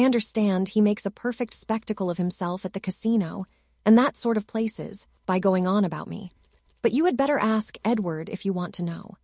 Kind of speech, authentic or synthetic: synthetic